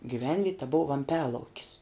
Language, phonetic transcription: Lithuanian, gyˈvenviet' ta buv vamˈpialaukis

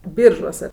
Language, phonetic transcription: Lithuanian, ˈbyržuose

